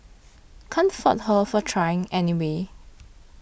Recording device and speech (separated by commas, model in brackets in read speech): boundary microphone (BM630), read sentence